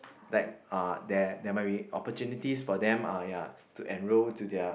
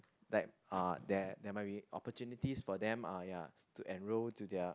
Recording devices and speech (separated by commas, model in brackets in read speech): boundary microphone, close-talking microphone, conversation in the same room